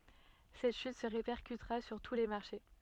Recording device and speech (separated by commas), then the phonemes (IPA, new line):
soft in-ear microphone, read sentence
sɛt ʃyt sə ʁepɛʁkytʁa syʁ tu le maʁʃe